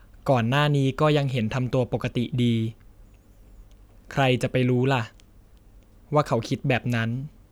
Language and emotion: Thai, neutral